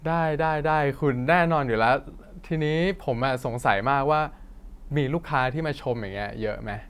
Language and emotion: Thai, happy